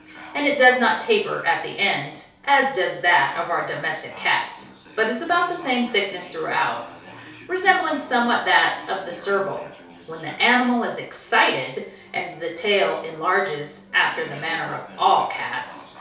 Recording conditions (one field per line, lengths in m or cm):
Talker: one person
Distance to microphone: 3.0 m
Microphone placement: far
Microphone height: 1.8 m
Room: small (3.7 m by 2.7 m)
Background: television